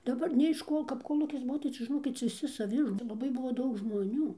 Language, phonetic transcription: Lithuanian, daˈbar nė iš ˈko kap koˈlūkis ˈbuo tai ˈčia žiˈnokit viˈsi saˈvi ir cia ˈlabai ˈbuvo ˈdaug žmoˈnių

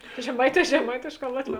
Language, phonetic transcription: Lithuanian, žeˈmaiˌtē žeˈmaitėšˌkā ˈlatˌvē

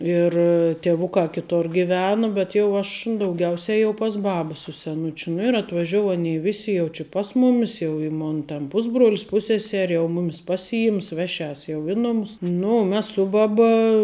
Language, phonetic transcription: Lithuanian, ˈir tieˈvukā kiˈtor giˈvenu bet jau ˈaš dauˈgiausia jau pas ˈbaba su seˈnučiu nu ir atvaˈžiou ˈanei ˈvisi jau či ˈpas mumis jau i ˈmon ten ˈpusbruolis ˈpusseseri jau ˈmumis ˈpasiˌims ˈveˌšias jau ˈi numus ˈnu u ˈmes ˈsu baˌba

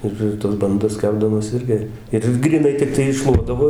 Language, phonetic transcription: Lithuanian, ˈir ir tas banˈdas ˈkepdamos ˈirgi ˈir gryˈnai tikˈtai iˈššluodavo

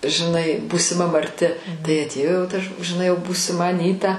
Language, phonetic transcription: Lithuanian, žiˈnai būsiˈma marˈti tai atˈėjo jau ta ž žiˈnai būsiˈma aˈnyta

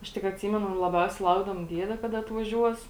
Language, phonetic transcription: Lithuanian, ˈaš tik atˈsymenu laˈbiausiai ˈlaukdavom ˈdiede ˈkada atvaˈžiuos

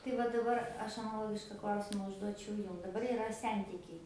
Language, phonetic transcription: Lithuanian, tai ˈva daˈbar ˈaš anaˈlogiška ˈklausima užˈduočiau ˈjum daˈbar iˈra ˈsentikiai

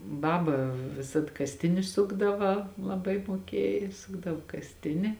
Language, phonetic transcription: Lithuanian, ˈbaba viˈsad kasˈtini ˈsukdava laˈbai muoˈkiej ˈsukdavo kasˈtini

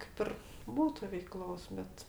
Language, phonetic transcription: Lithuanian, kaip ˈir ˈbūtu veiˈklos ˈbet

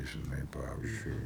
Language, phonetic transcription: Lithuanian, žiˈnai ˈpavyzdžiui

